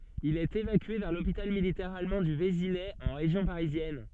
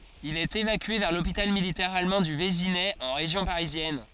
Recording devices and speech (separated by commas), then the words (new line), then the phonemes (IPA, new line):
soft in-ear microphone, forehead accelerometer, read sentence
Il est évacué vers l'hôpital militaire allemand du Vésinet en région parisienne.
il ɛt evakye vɛʁ lopital militɛʁ almɑ̃ dy vezinɛ ɑ̃ ʁeʒjɔ̃ paʁizjɛn